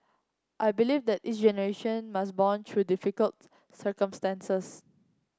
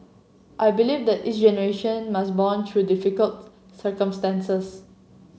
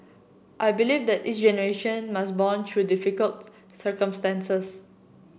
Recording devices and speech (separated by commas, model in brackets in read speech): close-talking microphone (WH30), mobile phone (Samsung C7), boundary microphone (BM630), read sentence